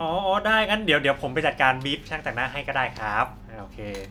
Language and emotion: Thai, happy